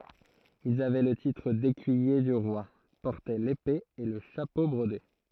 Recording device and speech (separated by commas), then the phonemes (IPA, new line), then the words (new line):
throat microphone, read sentence
ilz avɛ lə titʁ dekyije dy ʁwa pɔʁtɛ lepe e lə ʃapo bʁode
Ils avaient le titre d'Écuyer du Roi, portaient l'épée et le chapeau brodé.